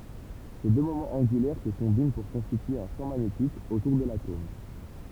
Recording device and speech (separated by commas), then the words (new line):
temple vibration pickup, read sentence
Ces deux moments angulaires se combinent pour constituer un champ magnétique autour de l'atome.